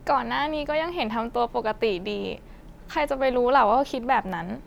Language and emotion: Thai, sad